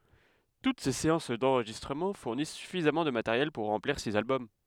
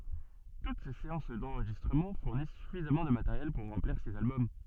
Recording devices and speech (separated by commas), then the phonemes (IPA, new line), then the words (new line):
headset microphone, soft in-ear microphone, read sentence
tut se seɑ̃s dɑ̃ʁʒistʁəmɑ̃ fuʁnis syfizamɑ̃ də mateʁjɛl puʁ ʁɑ̃pliʁ siz albɔm
Toutes ces séances d'enregistrement fournissent suffisamment de matériel pour remplir six albums.